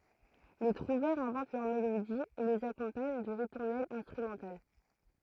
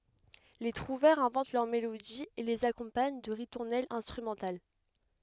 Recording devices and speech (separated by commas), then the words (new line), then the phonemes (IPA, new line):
throat microphone, headset microphone, read sentence
Les trouvères inventent leurs mélodies et les accompagnent de ritournelles instrumentales.
le tʁuvɛʁz ɛ̃vɑ̃t lœʁ melodiz e lez akɔ̃paɲ də ʁituʁnɛlz ɛ̃stʁymɑ̃tal